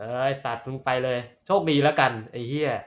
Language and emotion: Thai, frustrated